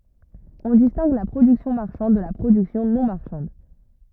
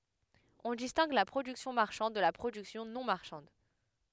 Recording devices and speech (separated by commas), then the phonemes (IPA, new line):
rigid in-ear microphone, headset microphone, read sentence
ɔ̃ distɛ̃ɡ la pʁodyksjɔ̃ maʁʃɑ̃d də la pʁodyksjɔ̃ nɔ̃ maʁʃɑ̃d